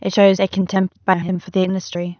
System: TTS, waveform concatenation